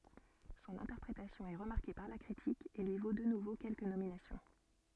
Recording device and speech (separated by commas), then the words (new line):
soft in-ear microphone, read sentence
Son interprétation est remarquée par la critique, et lui vaut de nouveau quelques nominations.